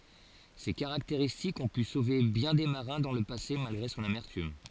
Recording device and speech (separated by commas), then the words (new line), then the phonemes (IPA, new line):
forehead accelerometer, read sentence
Ces caractéristiques ont pu sauver bien des marins dans le passé malgré son amertume.
se kaʁakteʁistikz ɔ̃ py sove bjɛ̃ de maʁɛ̃ dɑ̃ lə pase malɡʁe sɔ̃n amɛʁtym